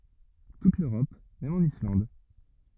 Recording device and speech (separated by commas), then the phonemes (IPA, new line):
rigid in-ear microphone, read sentence
tut løʁɔp mɛm ɑ̃n islɑ̃d